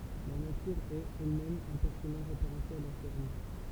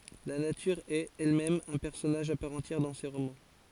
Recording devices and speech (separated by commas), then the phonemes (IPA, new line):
temple vibration pickup, forehead accelerometer, read sentence
la natyʁ ɛt ɛlmɛm œ̃ pɛʁsɔnaʒ a paʁ ɑ̃tjɛʁ dɑ̃ se ʁomɑ̃